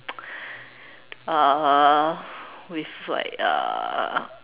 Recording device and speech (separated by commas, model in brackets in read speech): telephone, conversation in separate rooms